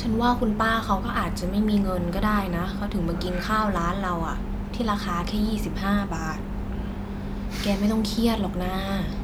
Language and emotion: Thai, neutral